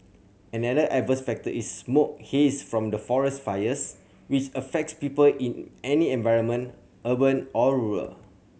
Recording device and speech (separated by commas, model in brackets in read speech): mobile phone (Samsung C7100), read sentence